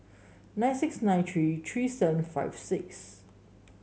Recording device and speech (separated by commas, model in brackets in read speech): mobile phone (Samsung S8), read sentence